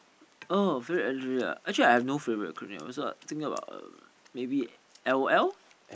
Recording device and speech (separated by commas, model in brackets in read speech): boundary microphone, conversation in the same room